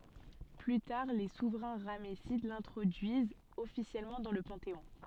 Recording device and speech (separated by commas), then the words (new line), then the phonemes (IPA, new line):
soft in-ear microphone, read sentence
Plus tard les souverains ramessides l'introduisent officiellement dans le panthéon.
ply taʁ le suvʁɛ̃ ʁamɛsid lɛ̃tʁodyizt ɔfisjɛlmɑ̃ dɑ̃ lə pɑ̃teɔ̃